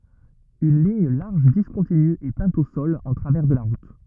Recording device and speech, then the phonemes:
rigid in-ear microphone, read sentence
yn liɲ laʁʒ diskɔ̃tiny ɛ pɛ̃t o sɔl ɑ̃ tʁavɛʁ də la ʁut

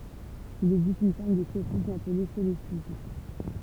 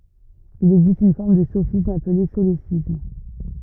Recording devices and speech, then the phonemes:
temple vibration pickup, rigid in-ear microphone, read sentence
il ɛɡzist yn fɔʁm də sofism aple solesism

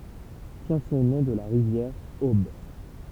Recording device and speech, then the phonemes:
temple vibration pickup, read sentence
tjɛ̃ sɔ̃ nɔ̃ də la ʁivjɛʁ ob

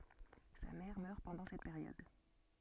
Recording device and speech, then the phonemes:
soft in-ear microphone, read sentence
sa mɛʁ mœʁ pɑ̃dɑ̃ sɛt peʁjɔd

